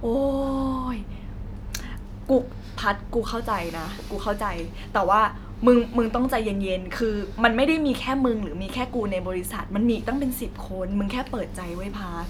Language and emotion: Thai, frustrated